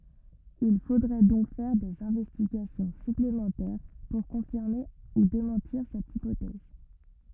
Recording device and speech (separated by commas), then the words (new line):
rigid in-ear microphone, read sentence
Il faudrait donc faire des investigations supplémentaires pour confirmer ou démentir cette hypothèse.